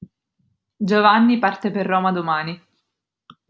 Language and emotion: Italian, neutral